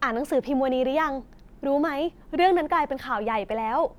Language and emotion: Thai, happy